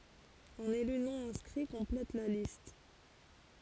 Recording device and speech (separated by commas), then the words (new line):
forehead accelerometer, read sentence
Un élu non-inscrit complète la liste.